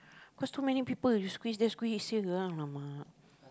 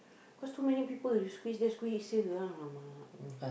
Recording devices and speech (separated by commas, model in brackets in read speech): close-talking microphone, boundary microphone, conversation in the same room